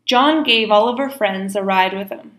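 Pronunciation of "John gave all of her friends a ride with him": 'All of her' runs together and sounds like the name 'Oliver', with the h of 'her' dropped.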